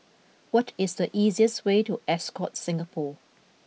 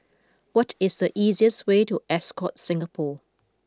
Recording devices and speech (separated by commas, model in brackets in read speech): mobile phone (iPhone 6), close-talking microphone (WH20), read sentence